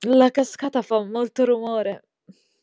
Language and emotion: Italian, happy